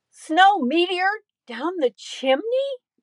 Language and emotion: English, neutral